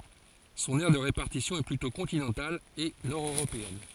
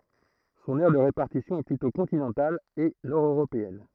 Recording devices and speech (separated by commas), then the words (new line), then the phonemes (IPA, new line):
forehead accelerometer, throat microphone, read sentence
Son aire de répartition est plutôt continentale et nord-européenne.
sɔ̃n ɛʁ də ʁepaʁtisjɔ̃ ɛ plytɔ̃ kɔ̃tinɑ̃tal e nɔʁdøʁopeɛn